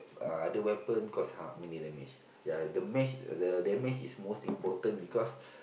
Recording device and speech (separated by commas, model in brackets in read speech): boundary microphone, conversation in the same room